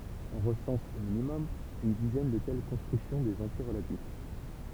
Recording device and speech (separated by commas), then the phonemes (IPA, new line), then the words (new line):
temple vibration pickup, read sentence
ɔ̃ ʁəsɑ̃s o minimɔm yn dizɛn də tɛl kɔ̃stʁyksjɔ̃ dez ɑ̃tje ʁəlatif
On recense, au minimum, une dizaine de telles constructions des entiers relatifs.